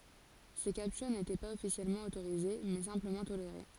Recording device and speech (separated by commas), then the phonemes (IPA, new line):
forehead accelerometer, read sentence
se kaptyʁ netɛ paz ɔfisjɛlmɑ̃ otoʁize mɛ sɛ̃pləmɑ̃ toleʁe